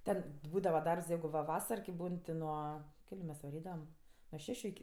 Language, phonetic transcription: Lithuanian, ˈten ˈbūdava ˈdarbs ˈjeigu va ˈvasar ki ˈbūn ti ˈnuo ˈkeliu mes vaˈrydavam nuo ˈšešiu iki

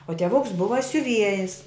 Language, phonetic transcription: Lithuanian, o tieˈvuks ˈbuva siuˈviejis

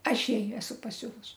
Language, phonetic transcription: Lithuanian, ˈaš ˈjai ˈesu paˈsiuvus

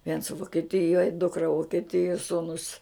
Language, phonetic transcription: Lithuanian, viens vukeˈtijoj ˈdukra vukeˈtijuo ˈsūnus

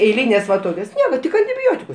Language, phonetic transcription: Lithuanian, eiˈlynės va ˈtokios ˈnieka tik antiˈbiotikus

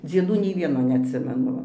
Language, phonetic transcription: Lithuanian, dzieˈdų nei ˈvieno neatˈsimenu ˈva

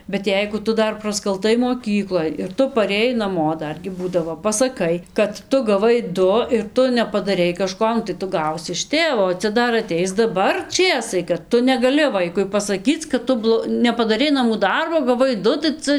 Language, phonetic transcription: Lithuanian, bet ˈjeigu ˈtu ˈdar praskalˈtai moˈkykloj ir ˈtu parėˈjai naˈmo ˈdargi ˈbūdavo pasaˈkai kad ˈtu gaˈvai ˈdu ir ˈtu nepadaˈrei kaˈžko nu tai ˈtu ˈgausi iš ˈtėvo o ˈcia ˈdar aˈteis daˈbar ˈčėsai kad ˈtu negaˈli ˈvaikui pasaˈkyc kad ˈtu blo nepadaˈrei naˈmų ˈdarbo gaˈvai ˈdu tai ˈca

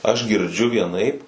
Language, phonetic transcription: Lithuanian, aš girˈdžiu vieˈnaip

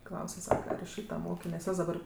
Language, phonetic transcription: Lithuanian, ˈklause ˈsaka ar iš ˈšyta ˈmokė nes ˈjos daˈbar

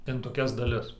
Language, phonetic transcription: Lithuanian, in toˈkias daˈlis

